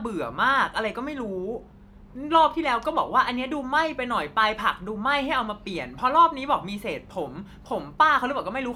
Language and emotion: Thai, angry